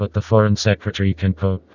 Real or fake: fake